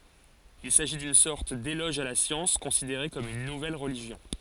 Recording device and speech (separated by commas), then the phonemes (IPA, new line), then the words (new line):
forehead accelerometer, read sentence
il saʒi dyn sɔʁt delɔʒ a la sjɑ̃s kɔ̃sideʁe kɔm yn nuvɛl ʁəliʒjɔ̃
Il s’agit d’une sorte d’éloge à la science, considérée comme une nouvelle religion.